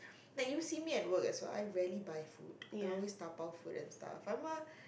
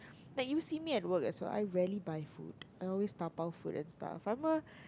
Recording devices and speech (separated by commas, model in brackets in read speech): boundary microphone, close-talking microphone, conversation in the same room